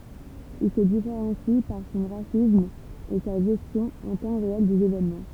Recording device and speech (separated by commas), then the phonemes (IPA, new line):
temple vibration pickup, read sentence
il sə difeʁɑ̃si paʁ sɔ̃ ɡʁafism e sa ʒɛstjɔ̃ ɑ̃ tɑ̃ ʁeɛl dez evenmɑ̃